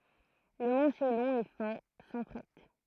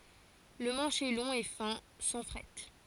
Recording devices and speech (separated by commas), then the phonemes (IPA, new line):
throat microphone, forehead accelerometer, read sentence
lə mɑ̃ʃ ɛ lɔ̃ e fɛ̃ sɑ̃ fʁɛt